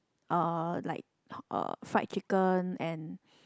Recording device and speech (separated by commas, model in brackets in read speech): close-talking microphone, conversation in the same room